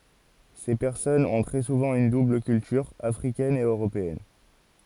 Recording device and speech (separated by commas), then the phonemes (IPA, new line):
forehead accelerometer, read sentence
se pɛʁsɔnz ɔ̃ tʁɛ suvɑ̃ yn dubl kyltyʁ afʁikɛn e øʁopeɛn